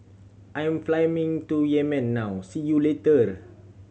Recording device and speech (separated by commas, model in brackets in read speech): mobile phone (Samsung C7100), read sentence